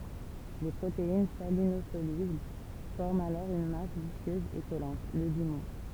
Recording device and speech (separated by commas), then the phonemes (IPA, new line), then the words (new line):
temple vibration pickup, read sentence
le pʁotein salinozolybl fɔʁmt alɔʁ yn mas viskøz e kɔlɑ̃t lə limɔ̃
Les protéines salinosolubles forment alors une masse visqueuse et collante, le limon.